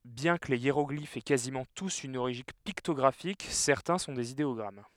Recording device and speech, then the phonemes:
headset microphone, read sentence
bjɛ̃ kə le jeʁɔɡlifz ɛ kazimɑ̃ tus yn oʁiʒin piktɔɡʁafik sɛʁtɛ̃ sɔ̃ dez ideɔɡʁam

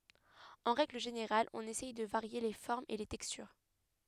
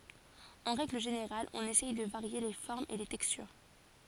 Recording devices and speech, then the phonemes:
headset microphone, forehead accelerometer, read sentence
ɑ̃ ʁɛɡl ʒeneʁal ɔ̃n esɛj də vaʁje le fɔʁmz e le tɛkstyʁ

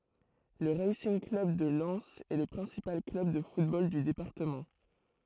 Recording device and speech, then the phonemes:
throat microphone, read sentence
lə ʁasinɡ klœb də lɛnz ɛ lə pʁɛ̃sipal klœb də futbol dy depaʁtəmɑ̃

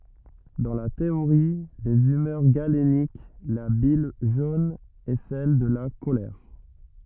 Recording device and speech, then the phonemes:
rigid in-ear microphone, read sentence
dɑ̃ la teoʁi dez ymœʁ ɡalenik la bil ʒon ɛ sɛl də la kolɛʁ

